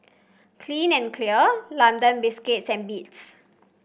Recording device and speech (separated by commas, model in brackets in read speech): boundary microphone (BM630), read sentence